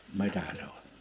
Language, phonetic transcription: Finnish, 'mitä se ‿on .
- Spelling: mitä se on

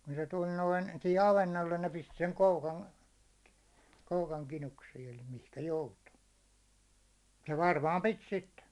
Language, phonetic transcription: Finnish, kun se 'tuĺ 'noin , sihi 'avennollen ne pistɪ seŋ 'koukan , 'koukaŋ , 'kinuksiin ‿eli mihkä 'joutu , ja 'varmaam "pit 'sitte .
- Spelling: kun se tuli noin siihen avannolle ne pisti sen koukan koukan kinuksiin eli mihinkä joutui ja varmaan piti sitten

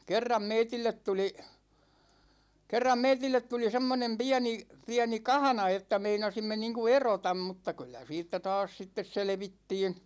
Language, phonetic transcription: Finnish, kerram 'meitillet tuli , 'kerram 'meitillet tuli 'semmonem "piäni , 'piäni "kahᵃna että 'meinasimme niiŋku "erotam mutta 'kyllä siittä 'taas sittes 'selᵉvittiin̬ .
- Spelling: kerran meille tuli kerran meille tuli semmoinen pieni pieni kahna että meinasimme niin kuin erota mutta kyllä siitä taas sitten selvittiin

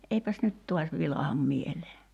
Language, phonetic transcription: Finnish, 'eipäs 'nyt "tuas 'vilaham 'mielee .
- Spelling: eipäs nyt taas vilahda mieleen

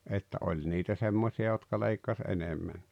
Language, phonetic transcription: Finnish, että '’oĺ niitä 'semmosi₍a jotka 'leikkas 'enemmän(ɴɪɪ) .
- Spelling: että oli niitä semmoisia jotka leikkasi enemmänkin

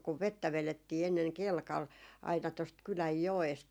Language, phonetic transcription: Finnish, kuv "vettä 'velettii enneŋ "kelkal , aina tost 'kyläj "joest .
- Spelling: kun vettä vedettiin ennen kelkalla aina tuosta kylän joesta

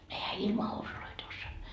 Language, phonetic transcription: Finnish, ehä 'ilma housuloit ‿ossoa » .
- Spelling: enhän ilman housuja osaa

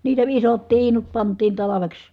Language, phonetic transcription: Finnish, niitä isot tiinut pant̀iin talaveks .
- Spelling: niitä isot tiinut pantiin talveksi

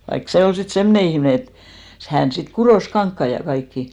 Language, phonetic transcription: Finnish, vaik 'se 'ol sit "semne 'ihmne et , 'hän sit 'kuròs "kaŋkkai ja 'kaikki .
- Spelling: vaikka se oli sitten semmoinen ihminen että hän sitten kutoi kankaita ja kaikkia

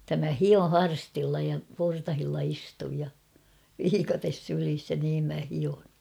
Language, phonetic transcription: Finnish, [et]tä mä "hio "harstilla ja 'portahilla 'istuj ja , 'viikates 'sylis ja niim mä 'hion̬ .
- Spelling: että minä hion harstilla ja portailla istun ja viikate sylissä ja niin minä hion

